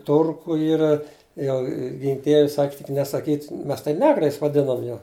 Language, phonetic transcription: Lithuanian, ˈturku ˈyra ˈjau ˈgink ˈdieve ˈsak' tik nesaˈkyt' ˈmes tai ˈnegrais vaˈdinam jau

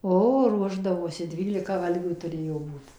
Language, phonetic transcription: Lithuanian, ˈo ˈruošdavosi ˈdvylika ˈvalgių tuˈrėjo ˈbūt

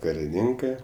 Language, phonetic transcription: Lithuanian, kariˈninkɜ

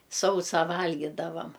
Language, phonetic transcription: Lithuanian, ˈsausą ˈvalgydavam

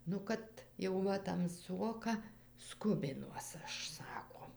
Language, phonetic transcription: Lithuanian, nu ˈkad jau ˈva tamˈsuoka ˈskubinuos ˈaš ˈsako

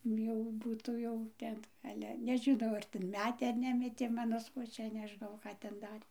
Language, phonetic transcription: Lithuanian, ˈjau ˈbūtų jau ˈten ˈale nežiˈnau ar ten ˈmetė ar ˈnemetė ˈmano svoˈčia neˈžnau ˈką ten ˈdarė

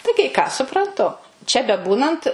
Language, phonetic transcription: Lithuanian, tai kai ˈką supranˈtu čia beˈbūnant

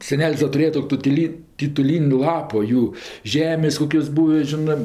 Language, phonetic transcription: Lithuanian, seˈnel's' da tuˈrėja tu ˈtutili tituˈlyn' ˈlapo ˈjų ˈžemės' ˈkokios ˈbūvi ˈžinɜ

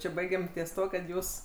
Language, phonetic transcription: Lithuanian, ˈči ˈbaigem ties ˈtuo kad ˈjūs

